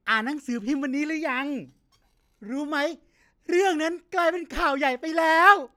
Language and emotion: Thai, happy